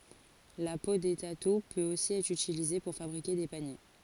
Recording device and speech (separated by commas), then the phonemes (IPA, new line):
forehead accelerometer, read sentence
la po de tatu pøt osi ɛtʁ ytilize puʁ fabʁike de panje